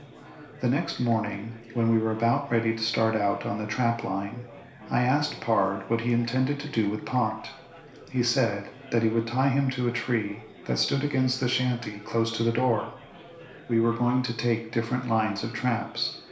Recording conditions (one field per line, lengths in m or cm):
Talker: one person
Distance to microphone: 1.0 m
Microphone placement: close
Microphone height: 1.1 m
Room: small (3.7 m by 2.7 m)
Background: babble